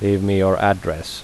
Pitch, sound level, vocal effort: 95 Hz, 82 dB SPL, normal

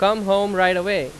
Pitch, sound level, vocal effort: 195 Hz, 94 dB SPL, very loud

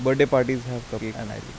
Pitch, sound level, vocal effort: 125 Hz, 85 dB SPL, soft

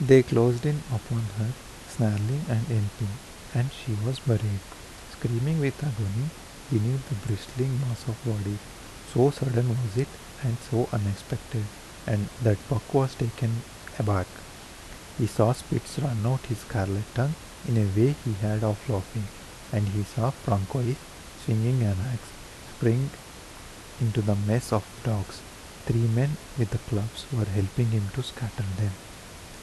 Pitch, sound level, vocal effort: 115 Hz, 77 dB SPL, soft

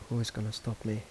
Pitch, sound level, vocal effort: 110 Hz, 76 dB SPL, soft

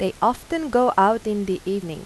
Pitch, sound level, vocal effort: 205 Hz, 87 dB SPL, normal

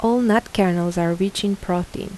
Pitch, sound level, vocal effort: 195 Hz, 81 dB SPL, soft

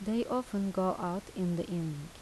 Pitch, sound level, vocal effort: 185 Hz, 82 dB SPL, soft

